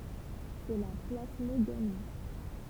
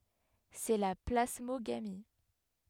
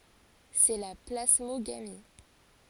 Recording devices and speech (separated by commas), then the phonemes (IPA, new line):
temple vibration pickup, headset microphone, forehead accelerometer, read sentence
sɛ la plasmoɡami